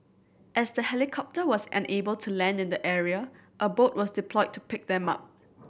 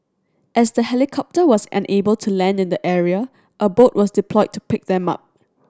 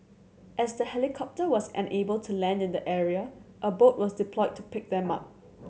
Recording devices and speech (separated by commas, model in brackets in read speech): boundary microphone (BM630), standing microphone (AKG C214), mobile phone (Samsung C7100), read sentence